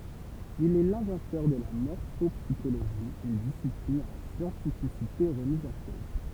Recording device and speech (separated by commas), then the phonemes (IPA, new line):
temple vibration pickup, read sentence
il ɛ lɛ̃vɑ̃tœʁ də la mɔʁfɔpsiʃoloʒi yn disiplin a la sjɑ̃tifisite ʁəmiz ɑ̃ koz